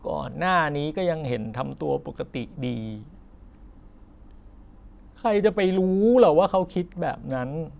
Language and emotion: Thai, sad